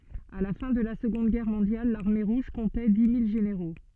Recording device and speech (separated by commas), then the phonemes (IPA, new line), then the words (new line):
soft in-ear microphone, read sentence
a la fɛ̃ də la səɡɔ̃d ɡɛʁ mɔ̃djal laʁme ʁuʒ kɔ̃tɛ di mil ʒeneʁo
À la fin de la Seconde Guerre mondiale, l'Armée Rouge comptait dix mille généraux.